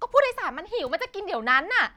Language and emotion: Thai, angry